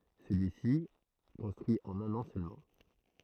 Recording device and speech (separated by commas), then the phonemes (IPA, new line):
throat microphone, read sentence
səlyisi ɛ kɔ̃stʁyi ɑ̃n œ̃n ɑ̃ sølmɑ̃